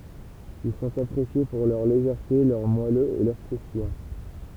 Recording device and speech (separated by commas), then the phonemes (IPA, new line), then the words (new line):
temple vibration pickup, read sentence
il sɔ̃t apʁesje puʁ lœʁ leʒɛʁte lœʁ mwaløz e lœʁ kʁustijɑ̃
Ils sont appréciés pour leur légèreté, leur moelleux et leur croustillant.